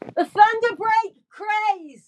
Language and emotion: English, happy